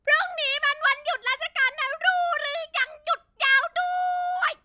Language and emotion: Thai, happy